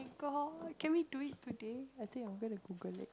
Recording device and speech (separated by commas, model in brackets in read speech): close-talking microphone, conversation in the same room